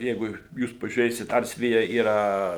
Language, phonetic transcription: Lithuanian, ˈjeigu ˈjūs pažiūˈrėsit ˈars ˈvija yˈra

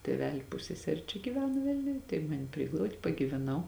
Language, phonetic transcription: Lithuanian, tėˈveli ˈpusseseri čia giˈvena ˈvilniuj tai ˈmani ˈpriglaud' pagyveˈnau

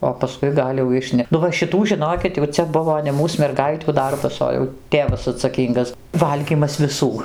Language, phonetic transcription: Lithuanian, o paˈskui ˈgal' jau ˈišne nu va šiˈtų žiˈnokit jau ˈcia ˈbuvo ne ˈmūs merˈgaitių ˈdarbas ˈo jau ˈtėvas atsaˈkyngas ˈvalgymas viˈsų

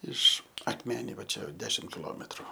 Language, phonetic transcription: Lithuanian, ˈiš akˈmeniai va ˈčia ˈdešim kiˈlometru

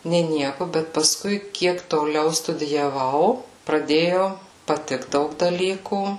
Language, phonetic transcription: Lithuanian, nė ˈnieku bet paˈskui ˈkiek toˈliau studijaˈvau praˈdėjo paˈtikt ˈdaug daˈlykų

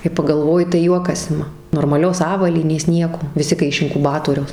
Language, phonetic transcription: Lithuanian, kai pagalˈvoji tai ˈjuokas ˈima normaˈlios ˈavalynės ˈnieko viˈsi kai iš inkuˈbatoriaus

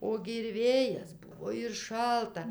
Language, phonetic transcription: Lithuanian, ˈogi ir ˈvėjas ˈbuvo ir ˈšalta

